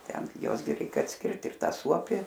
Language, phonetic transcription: Lithuanian, ˈten gi ˈjuos gi ˈreik atsˈkirt ir ˈta ˈsuopi

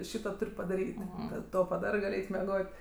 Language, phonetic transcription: Lithuanian, ˈšyto ˈtur' padaˈryt' ˈkad ˈto paˈdarɜ ˈgal ˈeit meˈgot'

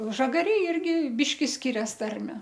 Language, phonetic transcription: Lithuanian, ˈžagarėj ˈirgi ˈbiški ˈskirias ˈtarme

